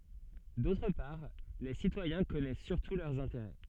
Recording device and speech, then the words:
soft in-ear microphone, read sentence
D'autre part, les citoyens connaissent surtout leurs intérêts.

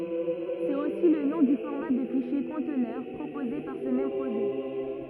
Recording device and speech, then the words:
rigid in-ear microphone, read sentence
C’est aussi le nom du format de fichier conteneur proposé par ce même projet.

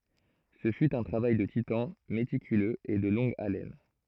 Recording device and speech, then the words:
throat microphone, read sentence
Ce fut un travail de titan, méticuleux et de longue haleine.

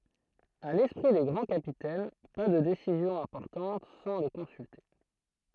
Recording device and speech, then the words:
throat microphone, read sentence
À l'esprit des grands capitaines, pas de décisions importantes sans le consulter.

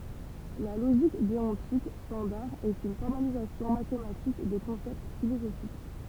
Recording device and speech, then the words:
temple vibration pickup, read sentence
La logique déontique standard est une formalisation mathématique de concepts philosophiques.

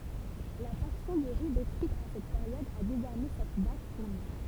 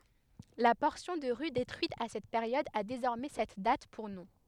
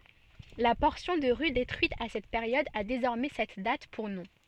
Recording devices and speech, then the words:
temple vibration pickup, headset microphone, soft in-ear microphone, read sentence
La portion de rue détruite à cette période a désormais cette date pour nom.

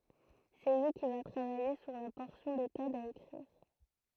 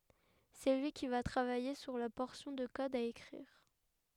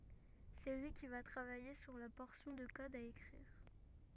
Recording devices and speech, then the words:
throat microphone, headset microphone, rigid in-ear microphone, read sentence
C'est lui qui va travailler sur la portion de code à écrire.

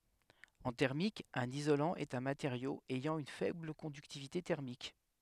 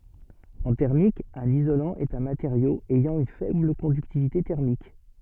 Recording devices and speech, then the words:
headset microphone, soft in-ear microphone, read sentence
En thermique, un isolant est un matériau ayant une faible conductivité thermique.

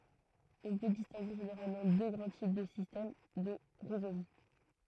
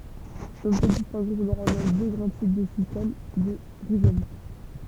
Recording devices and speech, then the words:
throat microphone, temple vibration pickup, read sentence
On peut distinguer généralement deux grands types de système de rhizome.

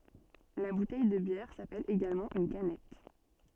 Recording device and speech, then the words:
soft in-ear microphone, read sentence
La bouteille de bière s’appelle également une canette.

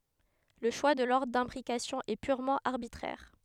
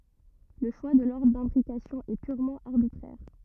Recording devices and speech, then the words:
headset microphone, rigid in-ear microphone, read sentence
Le choix de l'ordre d'imbrication est purement arbitraire.

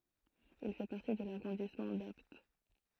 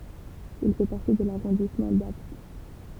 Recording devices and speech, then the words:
throat microphone, temple vibration pickup, read sentence
Il fait partie de l'arrondissement d'Apt.

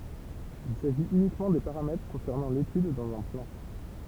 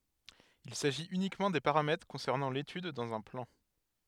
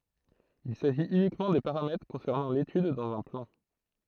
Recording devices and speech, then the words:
temple vibration pickup, headset microphone, throat microphone, read sentence
Il s'agit uniquement des paramètres concernant l'étude dans un plan.

